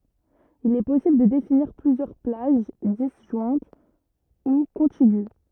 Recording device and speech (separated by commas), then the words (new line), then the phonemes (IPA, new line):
rigid in-ear microphone, read sentence
Il est possible de définir plusieurs plages, disjointes ou contiguës.
il ɛ pɔsibl də definiʁ plyzjœʁ plaʒ dizʒwɛ̃t u kɔ̃tiɡy